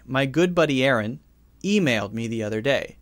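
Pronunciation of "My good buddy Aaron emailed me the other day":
The sentence is said with a pause in it rather than in one continuous stretch, and the pause sounds natural.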